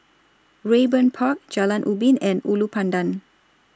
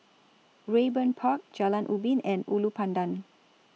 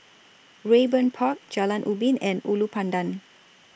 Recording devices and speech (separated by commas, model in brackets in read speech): standing microphone (AKG C214), mobile phone (iPhone 6), boundary microphone (BM630), read sentence